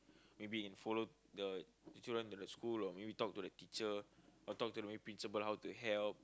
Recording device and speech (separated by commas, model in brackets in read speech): close-talking microphone, conversation in the same room